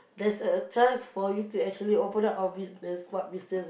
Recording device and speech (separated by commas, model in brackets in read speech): boundary microphone, conversation in the same room